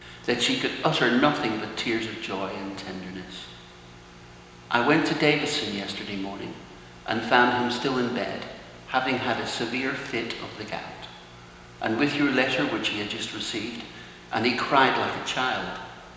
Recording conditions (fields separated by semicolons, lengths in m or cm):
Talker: one person; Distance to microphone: 1.7 m; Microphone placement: close; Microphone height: 1.0 m; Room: very reverberant, large; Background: none